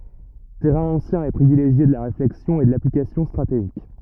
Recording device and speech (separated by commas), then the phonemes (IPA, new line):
rigid in-ear microphone, read sentence
tɛʁɛ̃ ɑ̃sjɛ̃ e pʁivileʒje də la ʁeflɛksjɔ̃ e də laplikasjɔ̃ stʁateʒik